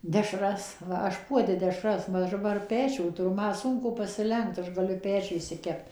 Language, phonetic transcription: Lithuanian, dešˈras ˈva ˈaš ˈpuode deˈšras ˈva aš daˈbar ˈpečių tuˈru ˈma ˈsunku pasiˈlenkt ˈaš gaˈliu ˈpečiuj išsiˈkept

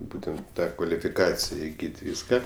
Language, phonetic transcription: Lithuanian, ˈbūtent ˈtą kvalifiˈkacija iˈgyt ˈvyska

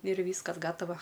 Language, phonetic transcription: Lithuanian, ir ˈvyskas ˈgatava

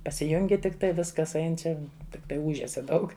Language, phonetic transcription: Lithuanian, pasiˈjungi tikˈtai ˈviskas ˈain ˈčia tikˈtai ˈūžesia ˈdaug

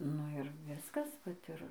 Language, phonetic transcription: Lithuanian, ˈnu ir ˈviskas ˈvat ir

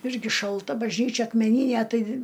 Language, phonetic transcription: Lithuanian, ˈirgi šalˈta bažˈnyčia akmeˈnynæ ˈtai

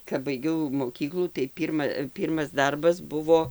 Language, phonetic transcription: Lithuanian, kap baiˈgiau moˈkyklų tai ˈpyrma ˈpyrmas ˈdarbas ˈbuvo

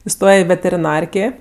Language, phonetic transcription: Lithuanian, iˈstoje i veteriˈnarkė

